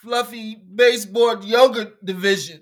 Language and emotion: English, sad